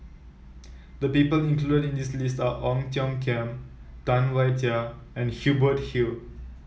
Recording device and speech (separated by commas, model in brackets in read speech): mobile phone (iPhone 7), read sentence